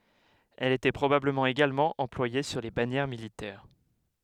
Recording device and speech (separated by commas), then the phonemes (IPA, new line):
headset microphone, read sentence
ɛl etɛ pʁobabləmɑ̃ eɡalmɑ̃ ɑ̃plwaje syʁ le banjɛʁ militɛʁ